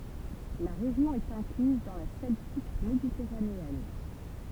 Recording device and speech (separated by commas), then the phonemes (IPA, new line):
temple vibration pickup, read sentence
la ʁeʒjɔ̃ ɛt ɛ̃klyz dɑ̃ la sɛltik meditɛʁaneɛn